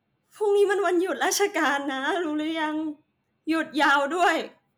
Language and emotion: Thai, sad